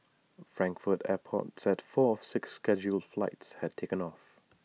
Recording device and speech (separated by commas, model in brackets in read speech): mobile phone (iPhone 6), read sentence